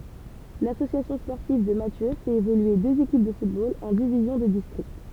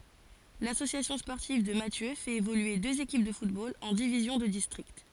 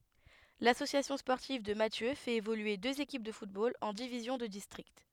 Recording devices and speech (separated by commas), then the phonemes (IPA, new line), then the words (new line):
temple vibration pickup, forehead accelerometer, headset microphone, read sentence
lasosjasjɔ̃ spɔʁtiv də masjø fɛt evolye døz ekip də futbol ɑ̃ divizjɔ̃ də distʁikt
L'Association sportive de Mathieu fait évoluer deux équipes de football en divisions de district.